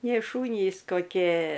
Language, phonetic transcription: Lithuanian, nėˈšūnys koˈkė

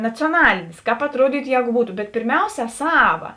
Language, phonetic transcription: Lithuanian, nacioˈnalėnės ˈkāp atˈruodytu ˈjēgu ˈbūtu bet pirˈmiausia ˈsava

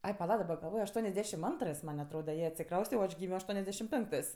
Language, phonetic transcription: Lithuanian, ˈai paˈla daˈba galˈvoj ašˈtuonesˌdešim ˈantrɜs man' atˈroda ˈjie atsiˈkrauste o ˈaš ˈgymio aštuoniasˈdešim ˈpenktɜs

